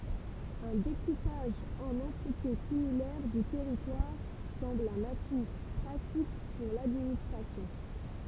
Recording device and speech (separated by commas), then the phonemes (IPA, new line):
temple vibration pickup, read sentence
œ̃ dekupaʒ ɑ̃n ɑ̃tite similɛʁ dy tɛʁitwaʁ sɑ̃bl œ̃n atu pʁatik puʁ ladministʁasjɔ̃